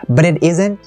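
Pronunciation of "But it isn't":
'But it isn't' is linked together as if it were just one word, and the stress falls on 'isn't'.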